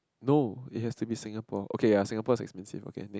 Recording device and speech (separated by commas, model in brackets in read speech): close-talking microphone, conversation in the same room